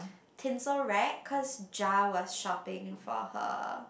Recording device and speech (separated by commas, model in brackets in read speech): boundary microphone, conversation in the same room